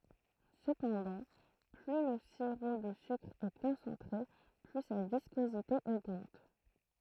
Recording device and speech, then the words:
throat microphone, read sentence
Cependant, plus le sirop de sucre est concentré, plus sa viscosité augmente.

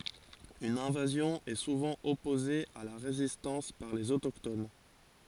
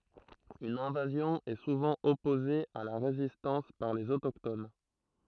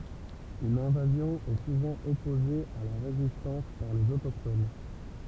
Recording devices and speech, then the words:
forehead accelerometer, throat microphone, temple vibration pickup, read sentence
Une invasion est souvent opposée à la résistance par les autochtones.

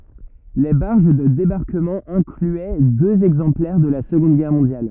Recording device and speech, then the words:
rigid in-ear microphone, read sentence
Les barges de débarquement incluaient deux exemplaires de la Seconde Guerre mondiale.

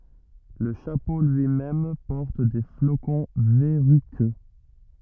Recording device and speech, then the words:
rigid in-ear microphone, read sentence
Le chapeau lui-même porte des flocons verruqueux.

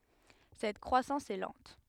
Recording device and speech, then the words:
headset microphone, read sentence
Cette croissance est lente.

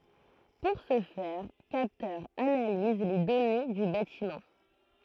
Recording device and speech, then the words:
throat microphone, read sentence
Pour ce faire, capteurs analysent les données du bâtiment.

